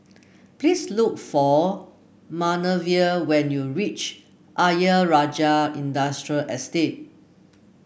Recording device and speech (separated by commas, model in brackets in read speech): boundary microphone (BM630), read sentence